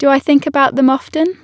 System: none